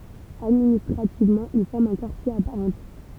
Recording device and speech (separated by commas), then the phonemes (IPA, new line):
temple vibration pickup, read sentence
administʁativmɑ̃ il fɔʁm œ̃ kaʁtje a paʁ ɑ̃tjɛʁ